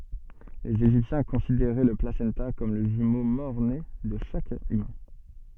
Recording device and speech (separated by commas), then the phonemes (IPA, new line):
soft in-ear microphone, read sentence
lez eʒiptjɛ̃ kɔ̃sideʁɛ lə plasɑ̃ta kɔm lə ʒymo mɔʁne də ʃak ymɛ̃